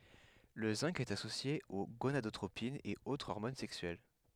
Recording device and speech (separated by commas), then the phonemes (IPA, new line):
headset microphone, read sentence
lə zɛ̃ɡ ɛt asosje o ɡonadotʁopinz e o ɔʁmon sɛksyɛl